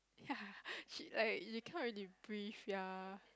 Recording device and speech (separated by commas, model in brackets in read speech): close-talking microphone, conversation in the same room